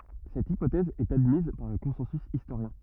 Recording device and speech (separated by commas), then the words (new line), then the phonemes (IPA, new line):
rigid in-ear microphone, read sentence
Cette hypothèse est admise par le consensus historien.
sɛt ipotɛz ɛt admiz paʁ lə kɔ̃sɑ̃sy istoʁjɛ̃